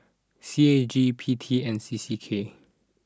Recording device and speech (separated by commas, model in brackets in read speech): standing microphone (AKG C214), read sentence